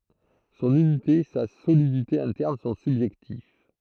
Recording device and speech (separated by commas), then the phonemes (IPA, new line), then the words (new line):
throat microphone, read sentence
sɔ̃n ynite sa solidite ɛ̃tɛʁn sɔ̃ sybʒɛktiv
Son unité, sa solidité interne sont subjectives.